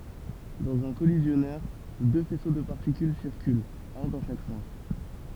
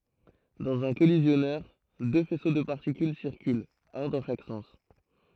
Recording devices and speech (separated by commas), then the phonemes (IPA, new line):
temple vibration pickup, throat microphone, read sentence
dɑ̃z œ̃ kɔlizjɔnœʁ dø fɛso də paʁtikyl siʁkylt œ̃ dɑ̃ ʃak sɑ̃s